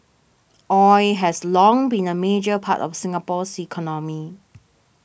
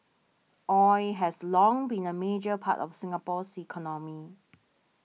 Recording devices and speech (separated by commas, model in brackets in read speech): boundary microphone (BM630), mobile phone (iPhone 6), read sentence